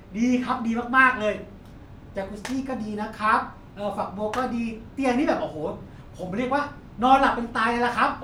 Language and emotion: Thai, happy